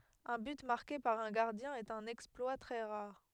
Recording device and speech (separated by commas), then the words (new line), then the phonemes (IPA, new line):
headset microphone, read sentence
Un but marqué par un gardien est un exploit très rare.
œ̃ byt maʁke paʁ œ̃ ɡaʁdjɛ̃ ɛt œ̃n ɛksplwa tʁɛ ʁaʁ